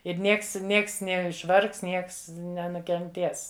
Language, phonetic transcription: Lithuanian, ir ˈnieks ˈnieks neišˈvargs ˈnieks nenukenˈtės

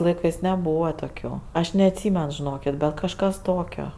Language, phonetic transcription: Lithuanian, laiˈkɜs neˈbūva toˈkių aš neatˈsymen žiˈnokit' ˈbet kažˈkas ˈtokio

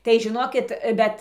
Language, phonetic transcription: Lithuanian, tai žiˈnokit ˈbet

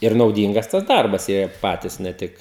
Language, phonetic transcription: Lithuanian, ir nauˈdyngas tas ˈdarbas ˈjie ir ˈpatys ne ˈtik

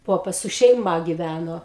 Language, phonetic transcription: Lithuanian, ˈpopas su šeiˈma givæno

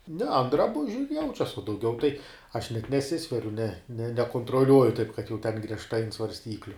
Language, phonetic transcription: Lithuanian, ne an draˈbužiu ir ˈjaučias uo dauˈgiau tai aš net neˈsisveriu ne ne nekontroˈliuoju taip kad jau ten griežˈtai ant svarsˈtykliu

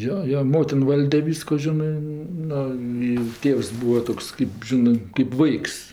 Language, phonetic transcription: Lithuanian, ˈjo ˈjo ˈmotin ˈvalde ˈvysko ˈžinɜ ˈnu i ˈtėvs ˈbuvs ˈtoks kɜp ˈžinɜ kɜp ˈvaiks

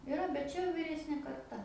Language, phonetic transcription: Lithuanian, iˈra bet ˈčia jau vyˈresnė karˈta

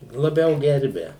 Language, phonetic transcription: Lithuanian, laˈbiau ˈgerbia

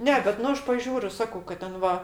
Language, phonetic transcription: Lithuanian, ˈne bet ˈnu ˈaš paˈžiūriu ˈsakau kad ˈten ˈva

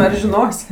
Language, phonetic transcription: Lithuanian, ar žiˈnos'

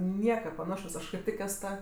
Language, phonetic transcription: Lithuanian, ˈnieka paˈnašos ˈaš kaip ˈtik ˈes ˈta

